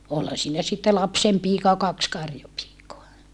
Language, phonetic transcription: Finnish, olha siinä sitte lapsempiika ja kaks karjopiikoa .
- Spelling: olihan siinä sitten lapsenpiika ja kaksi karjapiikaa

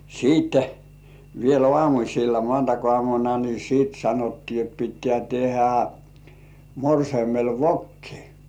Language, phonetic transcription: Finnish, 'siitte , 'viel "ŏàmuśilla "mŏàntak₍ŏàmuna ni siit 'sanottii et » pittĕä̀ 'tehä , 'morseimel "vokki .
- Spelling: sitten vielä aamulla maanantaiaamuna niin sitten sanottiin että pitää tehdä morsiamelle vokki

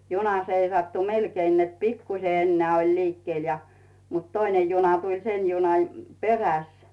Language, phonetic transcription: Finnish, 'juna seisattu "melkein net 'pikkuse enneä̀ oĺ 'liikkⁱel ja , mut "toinen̬ 'juna tuĺ 'sen̬ junaj , 'peräs .
- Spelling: juna seisattui melkein että pikkuisen enää oli liikkeellä ja mutta toinen juna tuli sen junan perässä

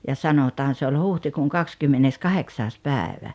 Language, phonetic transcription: Finnish, ja 'sanotaan se oĺ "huhtikuuŋ "kakskymmenneskaheksaas 'pääᵉvä .
- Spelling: ja sanotaan se oli huhtikuun kahdeskymmenneskahdeksas päivä

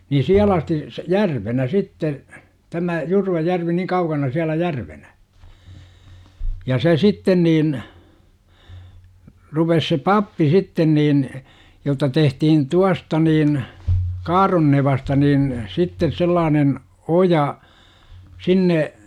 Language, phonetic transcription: Finnish, ni "siäl ‿asti s- , "järvenä 'sitte , 'tämä , 'Jurvajärvi niŋ 'kaukana siälä 'järvenä , ja se "sitten niin , 'rupes se "pappi 'sitten niin , jotta 'tehtihin "tuasta niin , "Kaaronnevasta niin , 'sittes 'sellaanen , 'oja , 'sinne , .
- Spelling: niin siellä asti - järvenä sitten tämä Jurvajärvi niin kaukana siellä järvenä ja se sitten niin rupesi se pappi sitten niin jotta tehtiin tuosta niin Kaaronnevasta niin sitten sellainen oja sinne

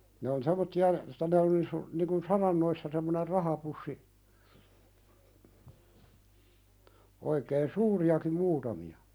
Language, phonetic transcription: Finnish, ne on sem̆mottia , , niŋ kun "sarannoissa semmoner 'rahapussi , oikeen "suuri₍akim 'muutami₍a .
- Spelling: ne on semmoisia niin kuin saranoissa semmoinen rahapussi oikein suuriakin muutamia

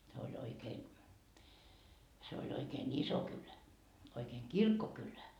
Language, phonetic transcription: Finnish, se oĺ 'oikeen , se oĺ oikeen "iso kylä , oikeeŋ "kirkkokylä .
- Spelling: se oli oikein se oli oikein iso kylä oikein kirkkokylä

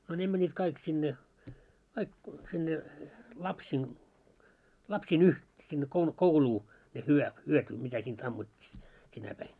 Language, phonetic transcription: Finnish, no ne mäńńit 'kaik sinne , kaik sinne , "lapsiin , lapsii'n ‿uh- , sinne kou-"kouluu , ne hyö- 'hyötu , mitä siint 'ammut́t́i , 'sinä päin .
- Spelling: no ne menivät kaikki sinne kaikki sinne lapsien lapsien - sinne kouluun ne - hyötyi mitä siitä ammuttiin sinä päivänä

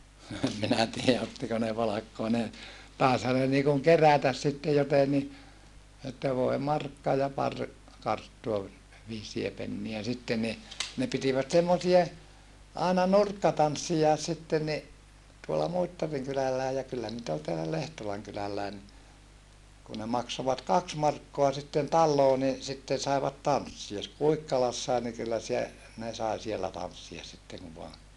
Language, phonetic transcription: Finnish, no em minä tiiä ottiko ne palakkoa ne , tàesha ne niikuŋ kerätäs sitte joteni , että voe markka ja par , karttua vi- , viisie penniä sitte ni , ne pitivät semmosie , àena nurkkatanssijaes sitten ni , tuolla Muittariŋ kylälläe ja kyllä nit ‿ol teälä Lehtolaŋ kylälläi ni , kun ne maksovat kaks markkoa sitten talloo ni , sitten̬ saevat tanssia ‿s - Kuikkalassae ni kyllä sie- , ne sai siellä tanssias sitteŋ ku voa ,.
- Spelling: no en minä tiedä ottiko ne palkkaa ne taisihan ne niin kuin kerätä sitten jotenkin että voi markka ja pari karttua - viisiä pennejä sitten niin ne pitivät semmoisia aina nurkkatansseja sitten niin tuolla Muittarin kylälläkin ja kyllä niitä oli täällä Lehtolan kylälläkin niin kun ne maksoivat kaksi markkaa sitten taloon niin sitten saivat tanssia - Kuikkalassakin niin kyllä - ne sai siellä tanssia sitten kun vain

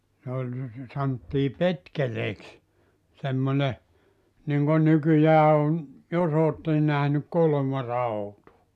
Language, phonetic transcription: Finnish, ne oĺ 'santtii "petkeleeks , semmone , niŋɢon 'nykyjää on , 'jos ‿ootten nähnyk 'kolᵒ̳§marautua .
- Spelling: ne oli sanottiin petkeleeksi semmoinen niin kuin nykyään on jos olette nähnyt kolomarautaa

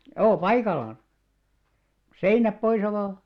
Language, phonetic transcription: Finnish, joo "paikallaan , 'seinäp 'poisa vaa .
- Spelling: joo paikallaan seinät poissa vain

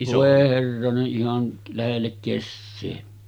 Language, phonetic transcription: Finnish, vòe 'herrane’ ’ihan , 'lähellek 'kessee .
- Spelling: voi herranen ihan lähelle kesää

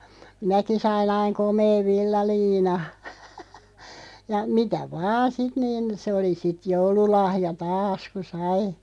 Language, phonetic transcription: Finnish, minäki 'sai'n ‿aiŋ 'komeev "villaliina , ja 'mitä "vaa sit niin̬ 'se oli sit 'joululahja "taas ku 'sai .
- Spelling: minäkin sain aina komean villaliinan ja mitä vain sitten niin se oli sitten joululahja taas kun sai

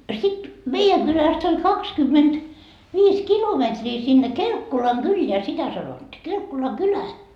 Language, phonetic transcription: Finnish, sit , "meijäŋ 'Gyläst ‿oĺ 'kakskymmenD- , 'viis "kilometrii sinne "Kelkkolaŋ"Gylleä sitä sanotti 'Kelkkolaŋ"kylä .
- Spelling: sitten meidän kylästä oli - kaksikymmentäviisi kilometriä sinne Kelkkolankylään sitä sanottiin Kelkkolankylään

